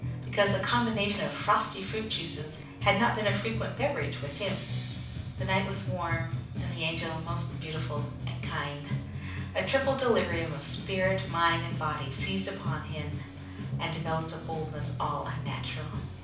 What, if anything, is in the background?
Music.